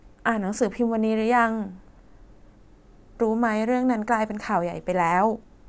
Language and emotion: Thai, sad